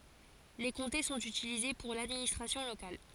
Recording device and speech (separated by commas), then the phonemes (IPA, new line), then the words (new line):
forehead accelerometer, read sentence
le kɔ̃te sɔ̃t ytilize puʁ ladministʁasjɔ̃ lokal
Les comtés sont utilisés pour l'administration locale.